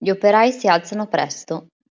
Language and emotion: Italian, neutral